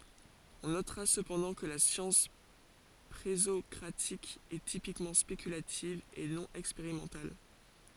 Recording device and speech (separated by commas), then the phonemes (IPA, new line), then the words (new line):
forehead accelerometer, read sentence
ɔ̃ notʁa səpɑ̃dɑ̃ kə la sjɑ̃s pʁezɔkʁatik ɛ tipikmɑ̃ spekylativ e nɔ̃ ɛkspeʁimɑ̃tal
On notera cependant que la science présocratique est typiquement spéculative et non expérimentale.